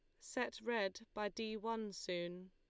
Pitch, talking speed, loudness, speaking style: 210 Hz, 155 wpm, -43 LUFS, Lombard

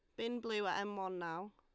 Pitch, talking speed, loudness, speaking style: 200 Hz, 265 wpm, -40 LUFS, Lombard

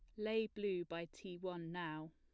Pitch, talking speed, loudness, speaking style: 180 Hz, 185 wpm, -44 LUFS, plain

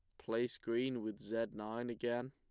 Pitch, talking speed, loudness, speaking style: 115 Hz, 170 wpm, -40 LUFS, plain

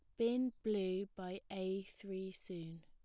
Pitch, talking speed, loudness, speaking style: 190 Hz, 135 wpm, -42 LUFS, plain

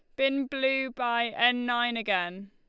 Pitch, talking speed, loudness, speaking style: 240 Hz, 160 wpm, -27 LUFS, Lombard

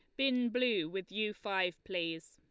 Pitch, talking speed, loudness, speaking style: 195 Hz, 170 wpm, -35 LUFS, Lombard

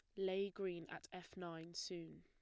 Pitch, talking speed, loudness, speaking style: 180 Hz, 180 wpm, -47 LUFS, plain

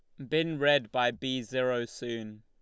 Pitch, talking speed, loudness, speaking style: 125 Hz, 175 wpm, -30 LUFS, Lombard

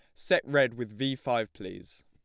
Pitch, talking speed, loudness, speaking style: 120 Hz, 195 wpm, -29 LUFS, plain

